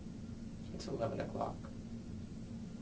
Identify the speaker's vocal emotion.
neutral